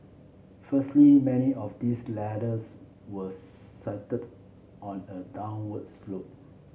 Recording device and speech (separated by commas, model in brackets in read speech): mobile phone (Samsung C7), read sentence